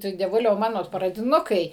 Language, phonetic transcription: Lithuanian, ˈtu dieˈvuliau ˈmano pradiˈnukai

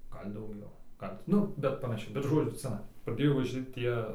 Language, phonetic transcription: Lithuanian, ˈgal dauˈgiau ˈgal ti ˈnu bet panaˈšiai bet ˈžodziu ˈcanai praˈdėjo vaˈži ˈtie

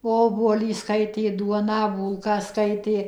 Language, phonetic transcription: Lithuanian, ˈobuolį ˈskaitė ˈduoną ˈbūlką ˈskaitė

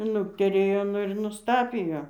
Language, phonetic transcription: Lithuanian, ˈnukterėjo ˈnu ir nusˈtapijo

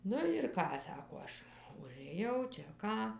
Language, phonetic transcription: Lithuanian, ˈnu ir ˈką ˈsako ˈaš užɘˈjau čia ˈką

